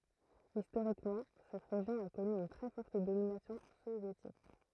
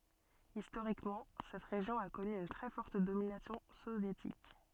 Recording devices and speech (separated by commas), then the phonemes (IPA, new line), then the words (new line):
throat microphone, soft in-ear microphone, read sentence
istoʁikmɑ̃ sɛt ʁeʒjɔ̃ a kɔny yn tʁɛ fɔʁt dominasjɔ̃ sovjetik
Historiquement, cette région a connu une très forte domination soviétique.